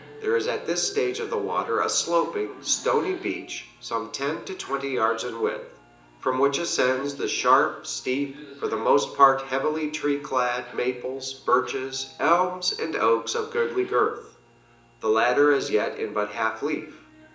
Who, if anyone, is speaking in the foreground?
One person.